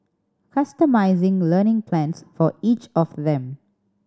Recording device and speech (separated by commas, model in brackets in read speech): standing microphone (AKG C214), read sentence